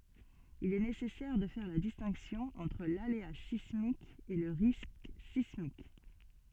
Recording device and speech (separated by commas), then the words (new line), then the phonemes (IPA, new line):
soft in-ear microphone, read sentence
Il est nécessaire de faire la distinction entre l'aléa sismique et le risque sismique.
il ɛ nesɛsɛʁ də fɛʁ la distɛ̃ksjɔ̃ ɑ̃tʁ lalea sismik e lə ʁisk sismik